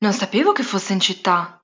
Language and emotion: Italian, surprised